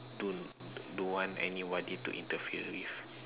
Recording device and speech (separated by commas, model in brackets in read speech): telephone, conversation in separate rooms